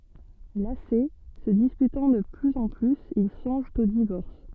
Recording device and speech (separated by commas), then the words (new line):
soft in-ear microphone, read sentence
Lassés, se disputant de plus en plus, ils songent au divorce.